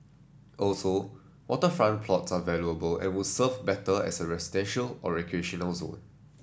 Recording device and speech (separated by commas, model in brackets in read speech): standing microphone (AKG C214), read sentence